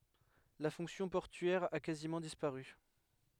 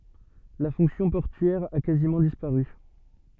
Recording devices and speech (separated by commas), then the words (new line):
headset microphone, soft in-ear microphone, read sentence
La fonction portuaire a quasiment disparu.